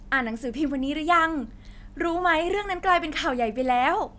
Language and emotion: Thai, happy